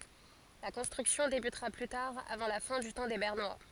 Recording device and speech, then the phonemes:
forehead accelerometer, read sentence
la kɔ̃stʁyksjɔ̃ debytʁa ply taʁ avɑ̃ la fɛ̃ dy tɑ̃ de bɛʁnwa

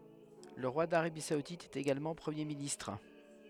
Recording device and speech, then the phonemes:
headset microphone, read sentence
lə ʁwa daʁabi saudit ɛt eɡalmɑ̃ pʁəmje ministʁ

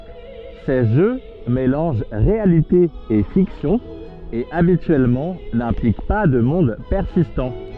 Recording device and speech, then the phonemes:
soft in-ear microphone, read sentence
se ʒø melɑ̃ʒ ʁealite e fiksjɔ̃ e abityɛlmɑ̃ nɛ̃plik pa də mɔ̃d pɛʁsistɑ̃

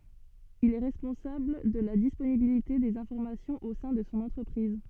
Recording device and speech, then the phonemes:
soft in-ear microphone, read sentence
il ɛ ʁɛspɔ̃sabl də la disponibilite dez ɛ̃fɔʁmasjɔ̃z o sɛ̃ də sɔ̃ ɑ̃tʁəpʁiz

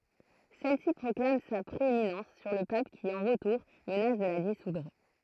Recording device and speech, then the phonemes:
throat microphone, read sentence
sɛlsi pʁɔklam sa pʁeeminɑ̃s syʁ lə pap ki ɑ̃ ʁətuʁ mənas də la disudʁ

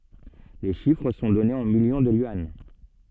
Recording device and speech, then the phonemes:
soft in-ear microphone, read sentence
le ʃifʁ sɔ̃ dɔnez ɑ̃ miljɔ̃ də jyɑ̃

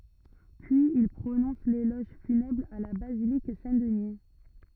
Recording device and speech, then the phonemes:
rigid in-ear microphone, read sentence
pyiz il pʁonɔ̃s lelɔʒ fynɛbʁ a la bazilik sɛ̃tdni

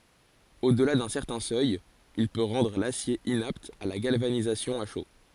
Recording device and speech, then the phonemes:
forehead accelerometer, read sentence
odəla dœ̃ sɛʁtɛ̃ sœj il pø ʁɑ̃dʁ lasje inapt a la ɡalvanizasjɔ̃ a ʃo

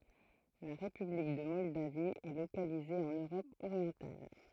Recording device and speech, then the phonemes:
throat microphone, read sentence
la ʁepyblik də mɔldavi ɛ lokalize ɑ̃n øʁɔp oʁjɑ̃tal

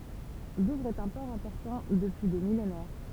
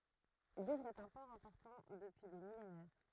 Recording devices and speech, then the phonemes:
temple vibration pickup, throat microphone, read sentence
duvʁz ɛt œ̃ pɔʁ ɛ̃pɔʁtɑ̃ dəpyi de milenɛʁ

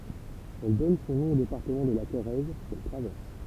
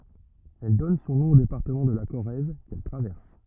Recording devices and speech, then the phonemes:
temple vibration pickup, rigid in-ear microphone, read sentence
ɛl dɔn sɔ̃ nɔ̃ o depaʁtəmɑ̃ də la koʁɛz kɛl tʁavɛʁs

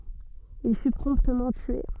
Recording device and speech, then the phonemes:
soft in-ear microphone, read sentence
il fy pʁɔ̃ptmɑ̃ tye

